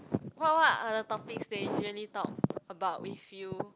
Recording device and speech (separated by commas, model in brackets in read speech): close-talking microphone, conversation in the same room